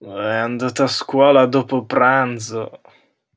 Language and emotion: Italian, disgusted